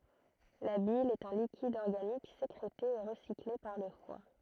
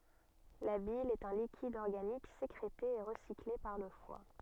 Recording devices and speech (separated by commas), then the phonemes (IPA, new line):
throat microphone, soft in-ear microphone, read sentence
la bil ɛt œ̃ likid ɔʁɡanik sekʁete e ʁəsikle paʁ lə fwa